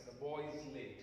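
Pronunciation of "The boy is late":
In 'The boy is late', 'late' is a stressed syllable.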